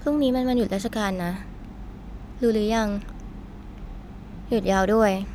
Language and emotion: Thai, frustrated